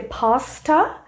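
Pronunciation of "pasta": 'Pasta' is pronounced incorrectly here.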